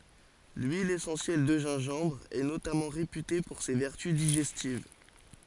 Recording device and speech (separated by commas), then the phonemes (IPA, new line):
forehead accelerometer, read sentence
lyil esɑ̃sjɛl də ʒɛ̃ʒɑ̃bʁ ɛ notamɑ̃ ʁepyte puʁ se vɛʁty diʒɛstiv